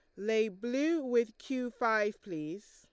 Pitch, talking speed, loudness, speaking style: 225 Hz, 145 wpm, -33 LUFS, Lombard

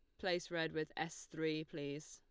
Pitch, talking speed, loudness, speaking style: 160 Hz, 190 wpm, -42 LUFS, Lombard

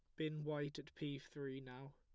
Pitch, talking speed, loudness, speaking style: 145 Hz, 205 wpm, -47 LUFS, plain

